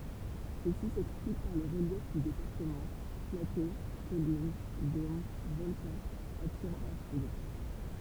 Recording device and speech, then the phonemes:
temple vibration pickup, read sentence
səsi sɛksplik paʁ lə ʁəljɛf dy depaʁtəmɑ̃ plato kɔlin dom vɔlkɑ̃z atiʁɑ̃ la fudʁ

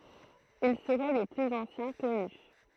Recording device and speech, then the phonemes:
throat microphone, read sentence
il səʁɛ le plyz ɑ̃sjɛ̃ kɔny

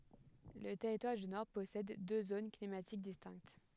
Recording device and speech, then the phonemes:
headset microphone, read sentence
lə tɛʁitwaʁ dy nɔʁ pɔsɛd dø zon klimatik distɛ̃kt

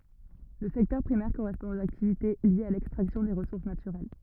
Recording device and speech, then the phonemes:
rigid in-ear microphone, read sentence
lə sɛktœʁ pʁimɛʁ koʁɛspɔ̃ oz aktivite ljez a lɛkstʁaksjɔ̃ de ʁəsuʁs natyʁɛl

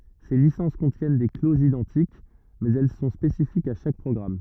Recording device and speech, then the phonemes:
rigid in-ear microphone, read sentence
se lisɑ̃s kɔ̃tjɛn de klozz idɑ̃tik mɛz ɛl sɔ̃ spesifikz a ʃak pʁɔɡʁam

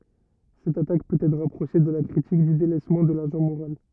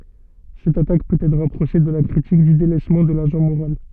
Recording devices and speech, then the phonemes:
rigid in-ear microphone, soft in-ear microphone, read sentence
sɛt atak pøt ɛtʁ ʁapʁoʃe də la kʁitik dy delɛsmɑ̃ də laʒɑ̃ moʁal

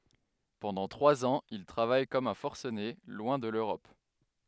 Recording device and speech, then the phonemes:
headset microphone, read sentence
pɑ̃dɑ̃ tʁwaz ɑ̃z il tʁavaj kɔm œ̃ fɔʁsəne lwɛ̃ də løʁɔp

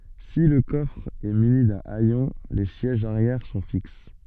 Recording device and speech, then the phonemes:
soft in-ear microphone, read sentence
si lə kɔfʁ ɛ myni dœ̃ ɛjɔ̃ le sjɛʒz aʁjɛʁ sɔ̃ fiks

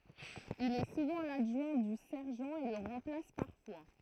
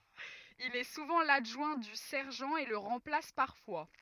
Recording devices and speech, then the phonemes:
throat microphone, rigid in-ear microphone, read sentence
il ɛ suvɑ̃ ladʒwɛ̃ dy sɛʁʒɑ̃ e lə ʁɑ̃plas paʁfwa

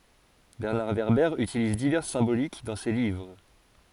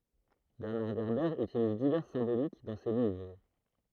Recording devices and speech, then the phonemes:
forehead accelerometer, throat microphone, read sentence
bɛʁnaʁ vɛʁbɛʁ ytiliz divɛʁs sɛ̃bolik dɑ̃ se livʁ

